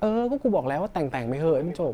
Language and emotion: Thai, neutral